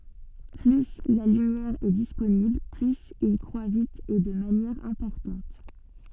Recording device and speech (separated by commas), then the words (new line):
soft in-ear microphone, read sentence
Plus la lumière est disponible, plus il croît vite et de manière importante.